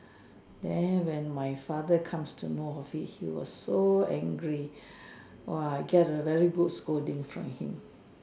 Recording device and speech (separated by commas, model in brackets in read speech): standing microphone, conversation in separate rooms